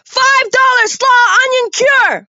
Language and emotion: English, neutral